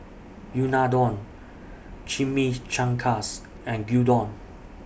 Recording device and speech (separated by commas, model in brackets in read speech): boundary microphone (BM630), read sentence